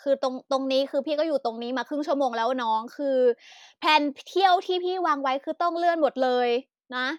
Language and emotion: Thai, frustrated